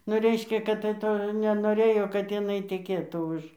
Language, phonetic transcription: Lithuanian, nu ˈreiškia kad tai ˈto nenoˈrėjo kad jiˈnai teˈkėtų ˈuž

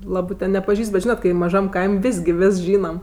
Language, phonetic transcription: Lithuanian, ˈlabɜ ten nepaˈžįst bet ˈžynat ˈkai maˈžam ˈkaim' ˈvės' gi ˈvės ˈžynam

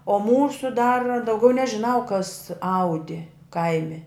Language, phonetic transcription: Lithuanian, o ˈmūsu dar dauˈgiau nežiˈnau kas ˈaudi ˈkaimi

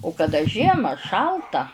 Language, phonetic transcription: Lithuanian, u kaˈda ˈžiema ˈšalta

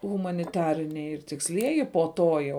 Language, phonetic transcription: Lithuanian, humaniˈtariniai ir tiksˈlieji po ˈto jau

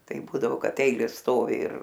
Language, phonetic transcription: Lithuanian, ˈtai ˈbūdavo ˈkad ˈeilės ˈstovi ir

